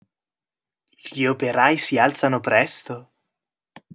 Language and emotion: Italian, surprised